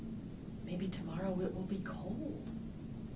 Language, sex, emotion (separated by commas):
English, female, neutral